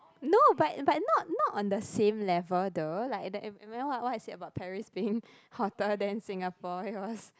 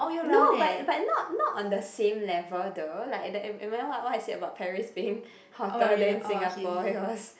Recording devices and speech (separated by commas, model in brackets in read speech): close-talking microphone, boundary microphone, conversation in the same room